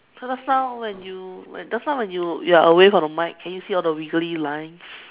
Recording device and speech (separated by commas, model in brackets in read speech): telephone, conversation in separate rooms